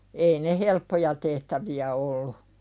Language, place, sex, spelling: Finnish, Pälkäne, female, ei ne helppoja tehtäviä ollut
- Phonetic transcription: ei ne "helppoja tehtävi₍ä 'ollu .

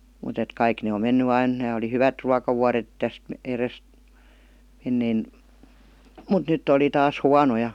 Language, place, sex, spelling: Finnish, Vihti, female, mutta että kaikki ne on mennyt aina nämä oli hyvät ruokavuodet tästä edestä ennen mutta nyt oli taas huonoja
- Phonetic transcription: mut ‿et 'kaik ne om 'menny ain , nää oli "hyvät 'ruakavuaret , 'täst , 'erest , 'ennein , mut "nytt ‿oli 'taas "huanoj§a§ .

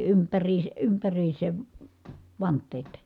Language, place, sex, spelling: Finnish, Kitee, female, - ympäriinsä vanteet
- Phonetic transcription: ympäriise- , ympäriisev , vant̆teet .

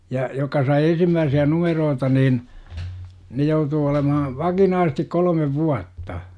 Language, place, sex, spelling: Finnish, Jurva, male, ja jotka sai ensimmäisiä numeroita niin ne joutuu olemaan vakinaisesti kolme vuotta
- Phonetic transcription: ja , jokka sai 'ensimmääsi₍ä 'numeroota niin , ne 'joutuu olemaha , 'vakinaasᵉˢtik 'kol°mev "vuatta .

